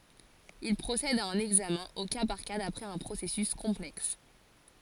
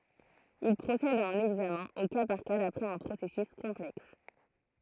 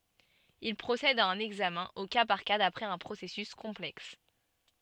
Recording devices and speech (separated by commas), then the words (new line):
forehead accelerometer, throat microphone, soft in-ear microphone, read sentence
Il procède à un examen au cas par cas d’après un processus complexe.